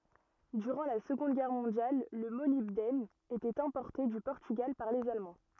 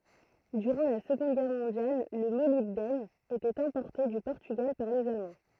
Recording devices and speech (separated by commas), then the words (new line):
rigid in-ear microphone, throat microphone, read sentence
Durant la Seconde Guerre mondiale, le molybdène était importé du Portugal par les Allemands.